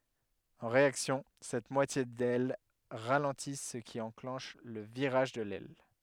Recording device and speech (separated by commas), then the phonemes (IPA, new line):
headset microphone, read sentence
ɑ̃ ʁeaksjɔ̃ sɛt mwatje dɛl ʁalɑ̃ti sə ki ɑ̃klɑ̃ʃ lə viʁaʒ də lɛl